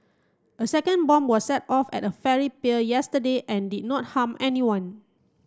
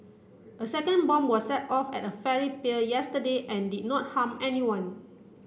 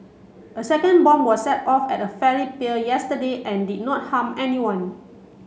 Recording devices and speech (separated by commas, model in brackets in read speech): close-talking microphone (WH30), boundary microphone (BM630), mobile phone (Samsung C7), read sentence